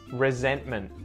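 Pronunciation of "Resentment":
In 'resentment', the T after the N inside the word is muted.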